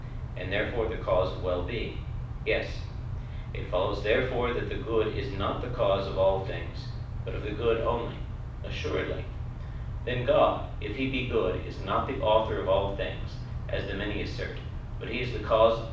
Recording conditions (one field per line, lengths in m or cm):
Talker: one person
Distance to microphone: 5.8 m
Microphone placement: far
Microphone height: 1.8 m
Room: medium-sized (5.7 m by 4.0 m)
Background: none